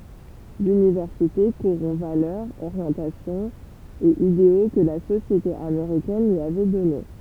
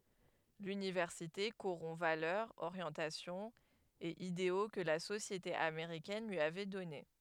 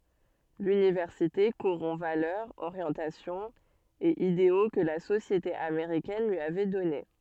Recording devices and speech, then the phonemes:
temple vibration pickup, headset microphone, soft in-ear microphone, read sentence
lynivɛʁsite koʁɔ̃ valœʁz oʁjɑ̃tasjɔ̃z e ideo kə la sosjete ameʁikɛn lyi avɛ dɔne

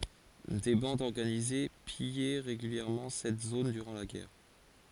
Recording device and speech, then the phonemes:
forehead accelerometer, read sentence
de bɑ̃dz ɔʁɡanize pijɛ ʁeɡyljɛʁmɑ̃ sɛt zon dyʁɑ̃ la ɡɛʁ

